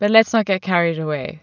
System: none